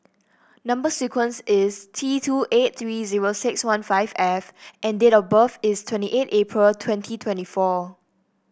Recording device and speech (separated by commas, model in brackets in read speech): boundary microphone (BM630), read sentence